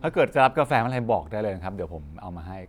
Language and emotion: Thai, neutral